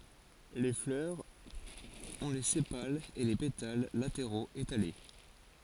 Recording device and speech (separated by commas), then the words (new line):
forehead accelerometer, read sentence
Les fleurs ont les sépales et les pétales latéraux étalés.